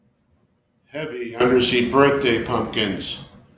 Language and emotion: English, sad